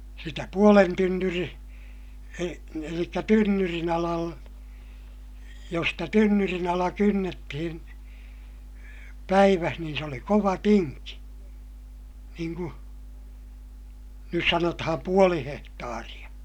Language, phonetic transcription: Finnish, sitä puolen tynnyri- , e- , elikkä tynnyrin ‿alal- , jos stä tynnyrin ‿ala kynnettihin , päiväh niin se oli kova tinki - niiŋ ku , nys sanotaham puoli hehtaariʲa .
- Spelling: sitä puolen - - eli tynnyrin - jos sitä tynnyrin ala kynnettiin päivässä niin se oli kova tinki niin kuin nyt sanotaan puoli hehtaaria

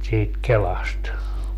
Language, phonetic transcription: Finnish, siit "kelast .
- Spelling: siitä kelasta

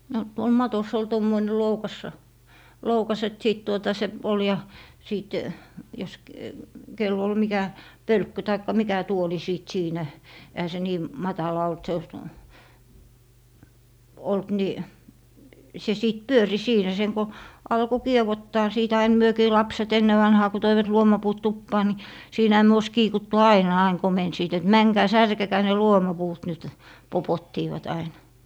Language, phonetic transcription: Finnish, no , tuol 'matos ‿ol 'tommoine "loukassa , 'loukas et 'sìt tuota 'se , ol ja , 'sìt , jos k- , kel'l ‿ol 'mikä "pölkky taikka "mikä 'tuoli 'sìt 'siinä , ehä se 'nii , "matala olt 'se , 'olt ni , se 'sìt "pyöri 'siinä 'seŋ ko , 'alko "kiewottaa 'siit ain 'myökii "lapset 'enne vanhaa ku 'toivat 'luomapuut 'tuppaa ni , 'siinähä myö ois 'kiikuttu "aina 'aiŋ 'komensiit et » "mäŋkää "särkekää ne "luomapuut nyt » , 'popottiivat ainA .
- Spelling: no tuolla matossa oli tuommoinen loukas loukas että sitten tuota se oli ja sitten jos - kenellä oli mikä pölkky tai mikä tuoli sitten siinä eihän se niin matala ollut se ollut niin se sitten pyöri siinä sen kun alkoi kievottaa siitä aina mekin lapset ennen vanhaan kun toivat luomapuut tupaan niin siinähän me olisi kiikuttu aina aina komensivat että menkää särkekää ne luomapuut nyt popottivat aina

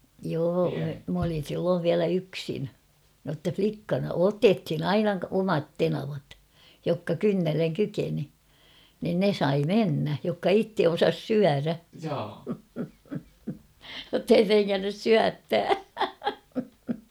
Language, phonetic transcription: Finnish, 'joo , m ‿olin̬ 'silloov 'viälä "yksin , notta 'flikkana — "otethin ‿"aina 'omat 'tenavat , jokka "kynnelleŋ 'kykeni , nin "ne 'sai "mennä , jokka "itte 'osas "syärä ; jottei 'treŋŋännys "syättää !
- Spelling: joo minä olin silloin vielä yksin jotta likkana - otettiin aina omat tenavat jotka kynnelle kykeni niin ne sai mennä jotka itse osasi syödä jotta ei trengännyt syöttää

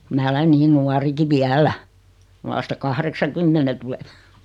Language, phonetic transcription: Finnish, 'mää olen 'niin "nuariki "viälä , 'vasta "kahreksa'kymmene tulen .
- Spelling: minä olen niin nuorikin vielä vasta kahdeksankymmenen tulen

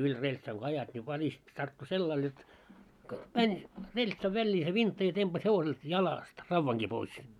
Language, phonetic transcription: Finnish, yĺ 'reĺtsaŋ ko ajat ńi 'välist , 'tarttu "sellail jot , "mäń , 'reĺtsav 'väĺĺii se 'vintta ja tempas hevoselt "jalást 'ravvaŋɢi pois .
- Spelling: yli reltsan kun ajat niin välistä tarttui sellainen jotta meni reltsan väliin se vintta ja tempaisi hevoselta jalasta raudankin pois

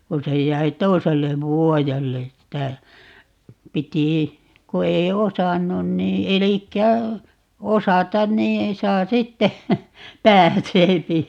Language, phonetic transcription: Finnish, ku 'se j̀äi "toisellev 'vuojelle ‿ttä , 'piti , 'ku ei "osannun nii 'elikkä , 'osatan nii , 'saa sitte , "pääseepi .
- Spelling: kun se jäi toiselle vuodelle että piti kun ei osannut niin eli osata niin saa sitten pääsee

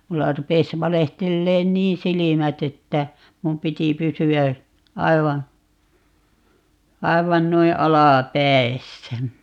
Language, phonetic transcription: Finnish, 'mulla 'rupes 'valehtelleen "niin "silimät ‿että , 'mum 'piti 'pysy₍ä , 'aiva , 'aivan 'noi "alà"päi̮ssä .
- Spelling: minulla rupesi valehtelemaan niin silmät että minun piti pysyä aivan aivan noin alapäissä

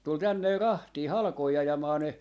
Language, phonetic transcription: Finnish, 'tul 'tänne 'rahtii , "halkoi 'ajamaa ne , .
- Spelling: tuli tänne rahtia halkoja ajamaan ne

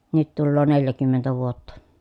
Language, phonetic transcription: Finnish, nyt tulloo neljäkymmentä vuotta .
- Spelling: nyt tulee neljäkymmentä vuotta

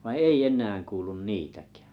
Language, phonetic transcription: Finnish, vai "ei "eǹään 'kuulun "niitäkᴀ̈ᴀ̈ .
- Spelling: vaan ei enää kuulu niitäkään

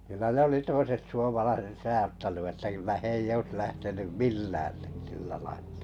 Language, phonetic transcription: Finnish, kylä ne 'oli 'toiset suomalaiset 'sajattanu että kyllä 'h ‿ei'j ‿oĭs 'lähtenym "millää , - - .
- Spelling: kyllä ne oli toiset suomalaiset sadattanut että kyllä he ei olisi lähtenyt millään -

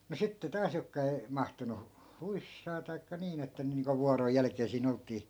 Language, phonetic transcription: Finnish, mu sitte 'taas jokka ei , 'mahtunu , "huissaa taikka 'niin ‿että (ne) niiŋko 'vuaroj 'jälᵃ̈k̀ee sii'n ‿olt̆tii .
- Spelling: mutta sitten taas jotka ei mahtunut huissaan tai niin että ne niin kuin vuoron jälkeen siinä oltiin

